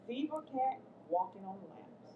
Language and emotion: English, angry